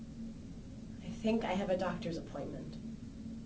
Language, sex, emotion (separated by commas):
English, female, neutral